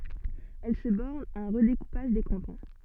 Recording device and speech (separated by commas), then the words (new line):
soft in-ear microphone, read sentence
Elle se borne à un redécoupage des cantons.